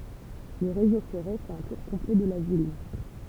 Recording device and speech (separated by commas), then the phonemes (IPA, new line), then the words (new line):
temple vibration pickup, read sentence
lə ʁezo fɛʁe fɛt œ̃ tuʁ kɔ̃plɛ də la vil
Le réseau ferré fait un tour complet de la ville.